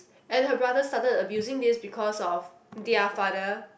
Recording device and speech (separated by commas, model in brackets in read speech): boundary microphone, conversation in the same room